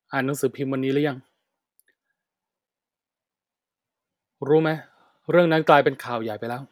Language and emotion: Thai, frustrated